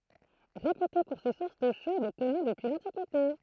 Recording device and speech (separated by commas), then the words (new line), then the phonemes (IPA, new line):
throat microphone, read sentence
Réputée pour ses sources d'eau chaude connues depuis l'Antiquité.
ʁepyte puʁ se suʁs do ʃod kɔny dəpyi lɑ̃tikite